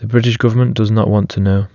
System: none